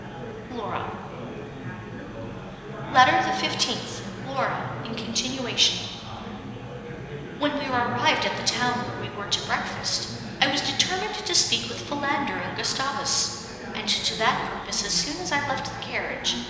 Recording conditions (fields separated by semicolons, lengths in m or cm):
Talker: one person; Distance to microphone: 1.7 m; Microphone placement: close; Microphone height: 1.0 m; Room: very reverberant, large; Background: babble